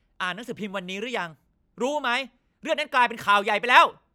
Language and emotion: Thai, angry